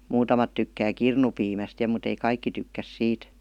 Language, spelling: Finnish, muutamat tykkää kirnupiimästä ja mutta ei kaikki tykkää siitä
- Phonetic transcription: 'muutamat tykkää "kirnupiimäst ja mut ‿ei 'kaikki tykkäs 'siit .

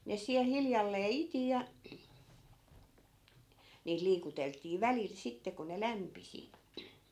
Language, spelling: Finnish, ne siellä hiljalleen iti ja niitä liikuteltiin välillä sitten kun ne lämpisi
- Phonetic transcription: ne 'siäl 'hiljallee "iti ja , niit 'liikutelt̆tii "välil sitte ko ne 'lämpisi .

